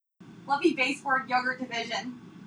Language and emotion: English, happy